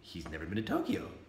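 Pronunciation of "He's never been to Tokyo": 'He's never been to Tokyo' is said as a delighted surprise. The voice goes up and then tails off at the end, with a little tail hook.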